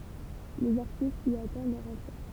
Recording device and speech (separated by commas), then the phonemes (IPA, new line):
temple vibration pickup, read sentence
lez aʁtistz i atɑ̃d lœʁ ɑ̃tʁe